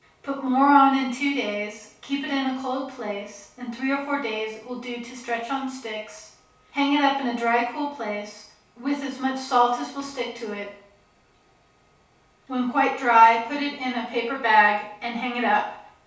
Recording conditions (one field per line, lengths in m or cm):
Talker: one person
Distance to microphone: 3.0 m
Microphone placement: far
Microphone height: 1.8 m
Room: small (3.7 m by 2.7 m)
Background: none